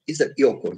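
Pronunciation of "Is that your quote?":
In 'Is that your quote?', 'your' is reduced: it is said in its weak form, so it is shorter.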